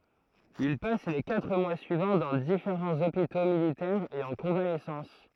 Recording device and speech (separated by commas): throat microphone, read sentence